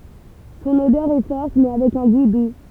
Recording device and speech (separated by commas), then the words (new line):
temple vibration pickup, read sentence
Son odeur est forte, mais avec un goût doux.